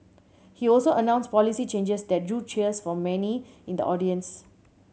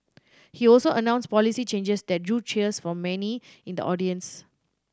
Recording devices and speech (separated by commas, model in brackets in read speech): mobile phone (Samsung C7100), standing microphone (AKG C214), read sentence